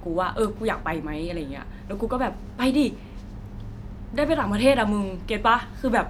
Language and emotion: Thai, happy